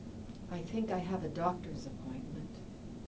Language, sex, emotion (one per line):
English
female
neutral